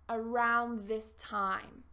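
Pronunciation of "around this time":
In 'around this time', the d at the end of 'around' is not pronounced, and the words are connected together without stopping between them.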